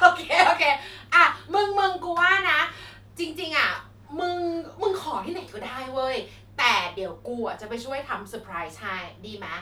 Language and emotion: Thai, happy